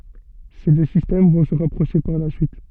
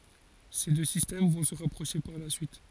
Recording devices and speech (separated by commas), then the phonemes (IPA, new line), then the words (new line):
soft in-ear microphone, forehead accelerometer, read sentence
se dø sistɛm vɔ̃ sə ʁapʁoʃe paʁ la syit
Ces deux systèmes vont se rapprocher par la suite.